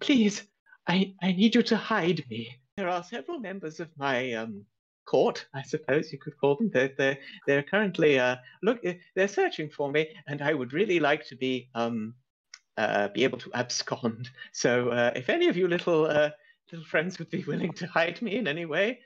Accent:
regal british accent